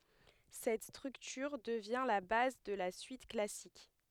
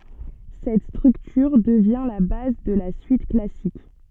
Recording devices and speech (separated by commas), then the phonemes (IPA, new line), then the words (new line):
headset microphone, soft in-ear microphone, read sentence
sɛt stʁyktyʁ dəvjɛ̃ la baz də la syit klasik
Cette structure devient la base de la suite classique.